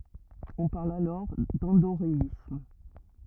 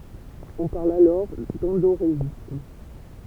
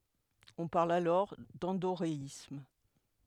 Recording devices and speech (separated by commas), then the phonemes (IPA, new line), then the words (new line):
rigid in-ear microphone, temple vibration pickup, headset microphone, read sentence
ɔ̃ paʁl alɔʁ dɑ̃doʁeism
On parle alors d'endoréisme.